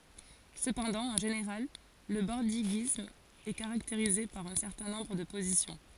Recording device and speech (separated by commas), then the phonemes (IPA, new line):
forehead accelerometer, read sentence
səpɑ̃dɑ̃ ɑ̃ ʒeneʁal lə bɔʁdiɡism ɛ kaʁakteʁize paʁ œ̃ sɛʁtɛ̃ nɔ̃bʁ də pozisjɔ̃